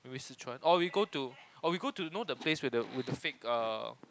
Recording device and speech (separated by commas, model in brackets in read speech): close-talking microphone, conversation in the same room